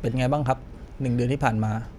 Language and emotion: Thai, neutral